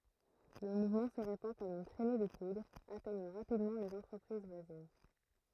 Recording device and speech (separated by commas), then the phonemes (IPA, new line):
throat microphone, read sentence
lə muvmɑ̃ sə ʁepɑ̃ kɔm yn tʁɛne də pudʁ atɛɲɑ̃ ʁapidmɑ̃ lez ɑ̃tʁəpʁiz vwazin